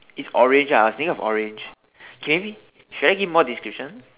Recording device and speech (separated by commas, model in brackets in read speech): telephone, conversation in separate rooms